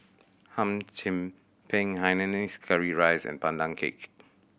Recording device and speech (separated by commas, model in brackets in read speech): boundary microphone (BM630), read sentence